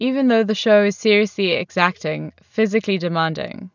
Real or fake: real